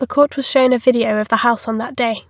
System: none